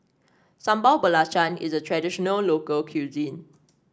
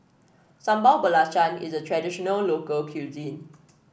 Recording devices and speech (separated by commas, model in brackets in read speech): standing microphone (AKG C214), boundary microphone (BM630), read sentence